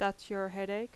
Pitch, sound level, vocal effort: 200 Hz, 83 dB SPL, loud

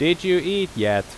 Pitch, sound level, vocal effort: 180 Hz, 91 dB SPL, very loud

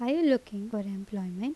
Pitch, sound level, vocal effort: 210 Hz, 81 dB SPL, normal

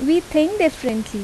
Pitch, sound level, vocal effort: 310 Hz, 82 dB SPL, normal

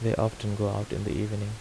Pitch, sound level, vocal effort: 105 Hz, 77 dB SPL, soft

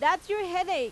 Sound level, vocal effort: 99 dB SPL, very loud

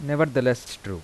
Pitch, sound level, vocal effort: 130 Hz, 85 dB SPL, soft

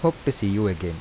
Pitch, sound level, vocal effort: 105 Hz, 81 dB SPL, soft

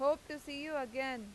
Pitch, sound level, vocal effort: 285 Hz, 95 dB SPL, loud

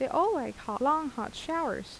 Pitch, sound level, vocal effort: 300 Hz, 82 dB SPL, normal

